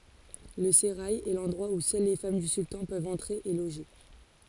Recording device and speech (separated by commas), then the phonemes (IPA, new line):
forehead accelerometer, read sentence
lə seʁaj ɛ lɑ̃dʁwa u sœl le fam dy syltɑ̃ pøvt ɑ̃tʁe e loʒe